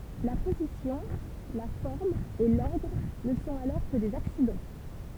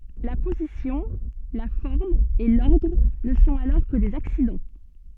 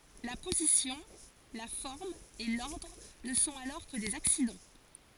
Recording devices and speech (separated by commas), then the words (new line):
temple vibration pickup, soft in-ear microphone, forehead accelerometer, read sentence
La position, la forme et l’ordre ne sont alors que des accidents.